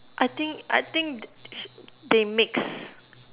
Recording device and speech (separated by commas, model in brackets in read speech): telephone, conversation in separate rooms